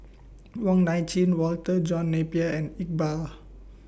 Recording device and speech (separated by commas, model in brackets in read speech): boundary microphone (BM630), read sentence